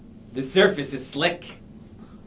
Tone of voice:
neutral